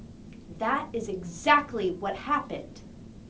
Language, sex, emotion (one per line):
English
female
angry